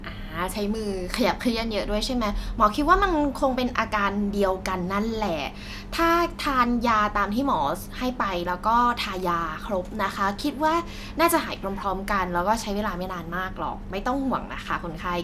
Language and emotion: Thai, happy